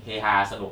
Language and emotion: Thai, neutral